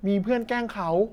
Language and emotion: Thai, neutral